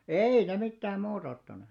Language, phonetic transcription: Finnish, ei ne 'mittääm 'muut ‿ottane .
- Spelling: ei ne mitään muuta ottaneet

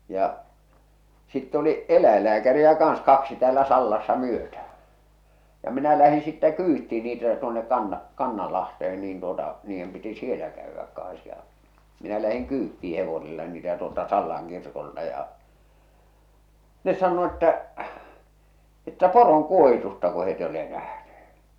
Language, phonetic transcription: Finnish, ja , sitte oli , "eläillääkäriä 'kaaa̰s 'kaksi 'täälä "Sallassa 'myötäh̬ᴀ̈ , ja minä lähiḭ sittɛ "kyyttì niitä tuonek 'Kanna- 'Kannalahtehen niin tuota , niijjem piti "sielä käyvväk kaa̰s ja , minä lähiŋ 'kyyttii 'hevosella niitä tuolta 'Sallaŋ kirkolta ja , 'ne sann̳o̳ että , että "poroŋ"kuohitusta ko het ‿eij ‿ole nähneh̬ᴇ .
- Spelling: ja sitten oli eläinlääkäreitä kanssa kaksi täällä Sallassa myötään ja minä lähdin sitten kyytiin niitä tuonne - Kannanlahteen niin tuota niiden piti siellä käydä kanssa ja minä lähdin kyytiin hevosella niitä tuolta Sallan kirkolta ja ne sanoi että että poronkuohitusta kun he ei ole nähneet

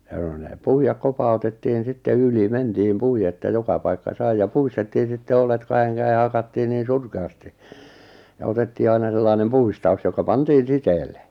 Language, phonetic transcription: Finnish, ʲᵃ ⁿᵒ ne 'puijak "kopa₍utettiin 'sitte 'yli 'mentiim 'pui₍e ᵉttä 'joka paikka 'sai ja "puistettiin̬ sitte "olet 'kaheŋ 'käe 'hakattii niin̬ "surke₍'asti , ja otettii 'aina sellainem "puistau̬s joka 'pantiin̬ "siteelle .
- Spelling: ja ne ne puida kopautettiin sitten yli mentiin puiden että joka paikka sai ja puistettiin sitten oljet kahden käsin hakattiin niin surkeasti ja otettiin aina sellainen puistaus joka pantiin siteelle

